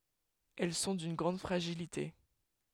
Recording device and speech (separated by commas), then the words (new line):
headset microphone, read sentence
Elles sont d'une grande fragilité.